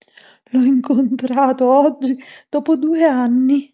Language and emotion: Italian, fearful